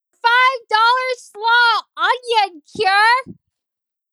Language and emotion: English, disgusted